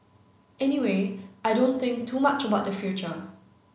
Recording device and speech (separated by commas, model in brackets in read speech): mobile phone (Samsung C9), read sentence